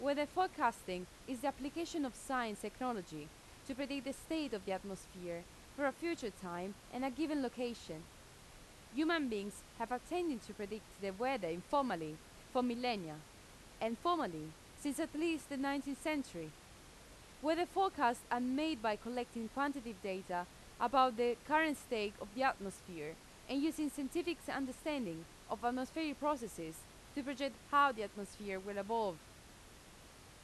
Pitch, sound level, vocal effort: 245 Hz, 88 dB SPL, loud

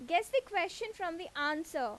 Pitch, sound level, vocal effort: 350 Hz, 91 dB SPL, very loud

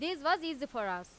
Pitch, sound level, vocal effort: 310 Hz, 96 dB SPL, very loud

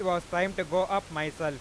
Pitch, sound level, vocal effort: 180 Hz, 99 dB SPL, loud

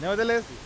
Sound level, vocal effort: 101 dB SPL, very loud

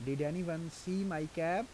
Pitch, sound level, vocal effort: 165 Hz, 86 dB SPL, normal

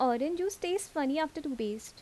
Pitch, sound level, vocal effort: 305 Hz, 81 dB SPL, normal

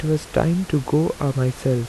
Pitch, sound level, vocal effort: 150 Hz, 80 dB SPL, soft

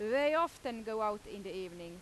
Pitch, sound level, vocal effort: 215 Hz, 93 dB SPL, very loud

